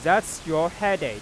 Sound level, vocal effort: 99 dB SPL, loud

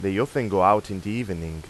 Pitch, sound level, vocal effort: 95 Hz, 90 dB SPL, normal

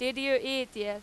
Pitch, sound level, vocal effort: 255 Hz, 96 dB SPL, very loud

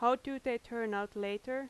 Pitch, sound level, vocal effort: 235 Hz, 88 dB SPL, loud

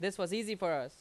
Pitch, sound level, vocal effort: 195 Hz, 92 dB SPL, very loud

